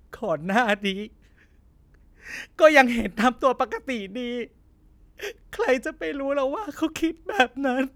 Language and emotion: Thai, sad